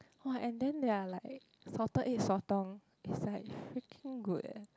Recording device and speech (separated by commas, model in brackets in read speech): close-talking microphone, conversation in the same room